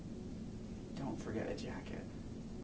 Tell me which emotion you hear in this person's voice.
neutral